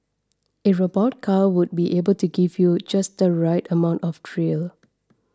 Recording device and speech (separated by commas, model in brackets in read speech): standing microphone (AKG C214), read sentence